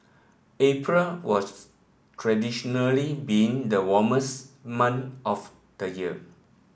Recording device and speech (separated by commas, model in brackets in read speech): boundary microphone (BM630), read sentence